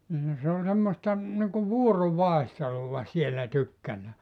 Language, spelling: Finnish, niin se on semmoista niin kuin vuorovaihtelua siellä tykkänään
- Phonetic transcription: nin se o semmosta , niŋku "vuoro'vaehteluva 'siellä 'tykkänää .

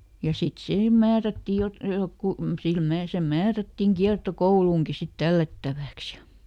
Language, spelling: Finnish, ja sitten siihen määrättiin - joku sille - se määrättiin kiertokouluun sitten tällättäväksi ja
- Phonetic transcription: ja ˈsit ˈsihem ˈmäärättì jot- , ˈjokku , sil ˈmää- se ˈmäärättiŋ ˈkiarto"kouluuŋki sit ˈtällättävä̀ks ja ,.

